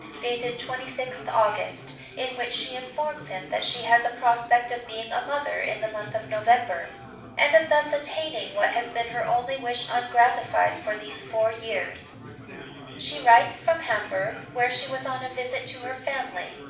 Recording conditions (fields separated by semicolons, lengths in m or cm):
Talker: one person; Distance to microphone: 5.8 m; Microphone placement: far; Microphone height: 1.8 m; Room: medium-sized (5.7 m by 4.0 m); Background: babble